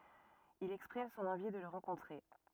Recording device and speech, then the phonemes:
rigid in-ear microphone, read sentence
il ɛkspʁim sɔ̃n ɑ̃vi də lə ʁɑ̃kɔ̃tʁe

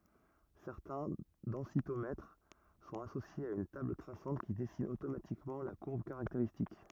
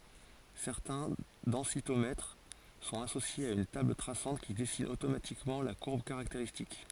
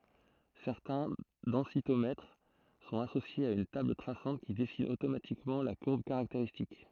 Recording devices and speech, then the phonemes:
rigid in-ear microphone, forehead accelerometer, throat microphone, read sentence
sɛʁtɛ̃ dɑ̃sitomɛtʁ sɔ̃t asosjez a yn tabl tʁasɑ̃t ki dɛsin otomatikmɑ̃ la kuʁb kaʁakteʁistik

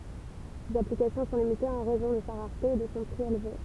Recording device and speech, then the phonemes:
temple vibration pickup, read sentence
sez aplikasjɔ̃ sɔ̃ limitez ɑ̃ ʁɛzɔ̃ də sa ʁaʁte e də sɔ̃ pʁi elve

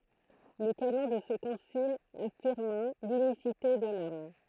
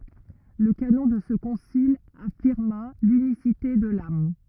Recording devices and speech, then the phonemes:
throat microphone, rigid in-ear microphone, read sentence
lə kanɔ̃ də sə kɔ̃sil afiʁma lynisite də lam

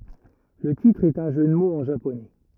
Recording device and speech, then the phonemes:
rigid in-ear microphone, read sentence
lə titʁ ɛt œ̃ ʒø də moz ɑ̃ ʒaponɛ

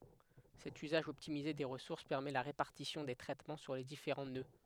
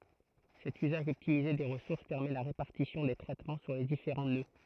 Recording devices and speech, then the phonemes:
headset microphone, throat microphone, read sentence
sɛt yzaʒ ɔptimize de ʁəsuʁs pɛʁmɛ la ʁepaʁtisjɔ̃ de tʁɛtmɑ̃ syʁ le difeʁɑ̃ nø

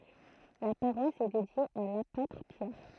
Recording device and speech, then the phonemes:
throat microphone, read sentence
la paʁwas ɛ dedje a lapotʁ pjɛʁ

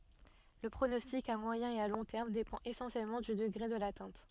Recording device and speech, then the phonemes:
soft in-ear microphone, read sentence
lə pʁonɔstik a mwajɛ̃ e a lɔ̃ tɛʁm depɑ̃t esɑ̃sjɛlmɑ̃ dy dəɡʁe də latɛ̃t

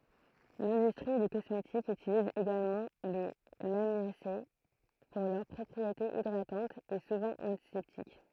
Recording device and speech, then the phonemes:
throat microphone, read sentence
lɛ̃dystʁi de kɔsmetikz ytiliz eɡalmɑ̃ le lamjase puʁ lœʁ pʁɔpʁietez idʁatɑ̃tz e suvɑ̃ ɑ̃tisɛptik

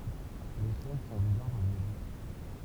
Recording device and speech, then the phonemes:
temple vibration pickup, read sentence
le ʃɛn sɔ̃ dez aʁbʁz a bwa dyʁ

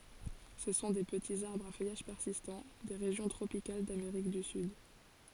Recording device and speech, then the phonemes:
forehead accelerometer, read sentence
sə sɔ̃ de pətiz aʁbʁz a fœjaʒ pɛʁsistɑ̃ de ʁeʒjɔ̃ tʁopikal dameʁik dy syd

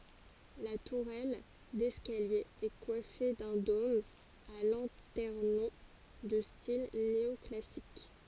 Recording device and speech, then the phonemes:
forehead accelerometer, read sentence
la tuʁɛl dɛskalje ɛ kwafe dœ̃ dom a lɑ̃tɛʁnɔ̃ də stil neɔklasik

